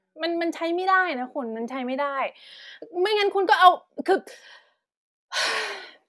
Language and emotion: Thai, frustrated